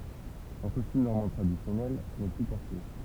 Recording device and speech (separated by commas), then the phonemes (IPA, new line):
temple vibration pickup, read sentence
ɑ̃ kɔstym nɔʁmɑ̃ tʁadisjɔnɛl nɛ ply pɔʁte